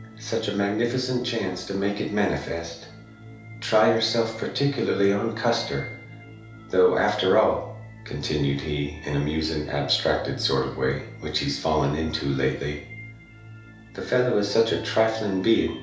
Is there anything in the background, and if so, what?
Music.